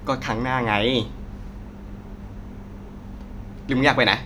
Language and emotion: Thai, frustrated